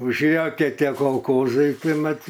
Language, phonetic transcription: Lithuanian, užˈėjo ˈkie ˈtie kolˈkozai ˈtai ˈmat

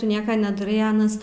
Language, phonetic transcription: Lithuanian, ˈtu ˈnieka nedaˈrai ˈanas

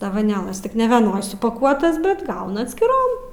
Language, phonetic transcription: Lithuanian, ˈtas dovaˈnėlas ˈtik nevieˈnoj supaˈkuotas ˈbet ˈgauna atskiˈrom

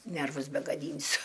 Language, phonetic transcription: Lithuanian, ˈnervus begaˈdynsiu

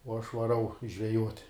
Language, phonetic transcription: Lithuanian, uo aš vaˈrau žveˈjuot'

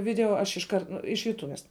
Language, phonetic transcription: Lithuanian, ˈvideo aš išˈkart ˈnu iš juˈtuves

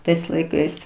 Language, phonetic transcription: Lithuanian, ˈtais laiˈkais

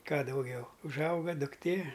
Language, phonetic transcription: Lithuanian, ˈką dauˈgiau užˈauga dukˈtė

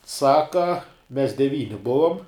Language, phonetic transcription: Lithuanian, ˈsaka mes deˈvyni ˈbuvom

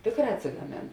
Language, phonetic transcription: Lithuanian, ˈtėkˌrā atsigaˈmėn

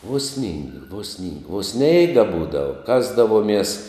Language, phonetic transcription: Lithuanian, uo snyng vo sning o ˈsneiga ˈbūdava ˈkasdavuomies

